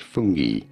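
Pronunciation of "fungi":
'Fungi' is pronounced the British English way.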